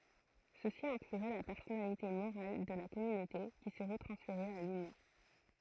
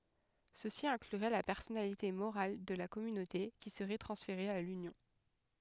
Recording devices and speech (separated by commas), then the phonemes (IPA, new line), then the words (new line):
throat microphone, headset microphone, read sentence
səsi ɛ̃klyʁɛ la pɛʁsɔnalite moʁal də la kɔmynote ki səʁɛ tʁɑ̃sfeʁe a lynjɔ̃
Ceci inclurait la personnalité morale de la Communauté qui serait transféré à l'Union.